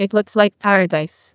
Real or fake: fake